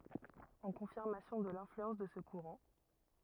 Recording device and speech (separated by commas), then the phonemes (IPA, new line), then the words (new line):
rigid in-ear microphone, read sentence
ɑ̃ kɔ̃fiʁmasjɔ̃ də lɛ̃flyɑ̃s də sə kuʁɑ̃
En confirmation de l'influence de ce courant,